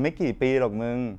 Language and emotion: Thai, neutral